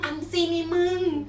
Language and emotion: Thai, happy